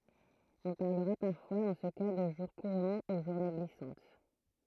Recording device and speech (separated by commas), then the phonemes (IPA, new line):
throat microphone, read sentence
ɔ̃ paʁləʁa paʁfwa dɑ̃ sə ka də ʒuʁ kuʁɑ̃ u ʒuʁne ɡlisɑ̃t